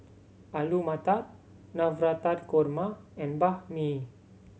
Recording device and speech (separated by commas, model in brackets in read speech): mobile phone (Samsung C7100), read sentence